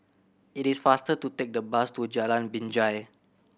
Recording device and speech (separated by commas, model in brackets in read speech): boundary microphone (BM630), read sentence